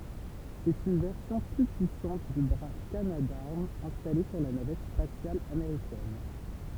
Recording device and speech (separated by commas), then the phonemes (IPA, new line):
temple vibration pickup, read sentence
sɛt yn vɛʁsjɔ̃ ply pyisɑ̃t dy bʁa kanadaʁm ɛ̃stale syʁ la navɛt spasjal ameʁikɛn